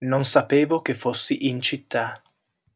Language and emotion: Italian, neutral